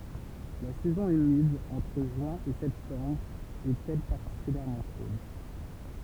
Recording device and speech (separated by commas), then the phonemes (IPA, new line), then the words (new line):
temple vibration pickup, read sentence
la sɛzɔ̃ ymid ɑ̃tʁ ʒyɛ̃ e sɛptɑ̃bʁ ɛt ɛl paʁtikyljɛʁmɑ̃ ʃod
La saison humide, entre juin et septembre, est elle particulièrement chaude.